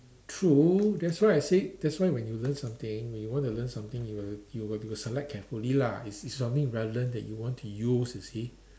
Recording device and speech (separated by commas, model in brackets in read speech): standing microphone, conversation in separate rooms